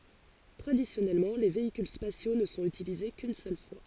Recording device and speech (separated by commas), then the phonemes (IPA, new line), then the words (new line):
forehead accelerometer, read sentence
tʁadisjɔnɛlmɑ̃ le veikyl spasjo nə sɔ̃t ytilize kyn sœl fwa
Traditionnellement les véhicules spatiaux ne sont utilisés qu'une seule fois.